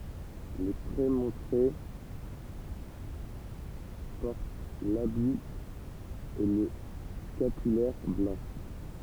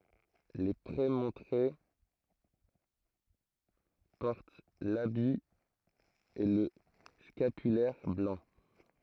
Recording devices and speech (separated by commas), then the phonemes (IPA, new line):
temple vibration pickup, throat microphone, read sentence
le pʁemɔ̃tʁe pɔʁt labi e lə skapylɛʁ blɑ̃